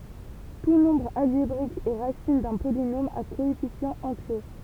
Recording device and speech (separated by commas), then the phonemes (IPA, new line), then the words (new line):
temple vibration pickup, read sentence
tu nɔ̃bʁ alʒebʁik ɛ ʁasin dœ̃ polinom a koɛfisjɑ̃z ɑ̃tje
Tout nombre algébrique est racine d'un polynôme à coefficients entiers.